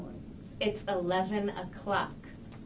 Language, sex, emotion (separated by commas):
English, female, disgusted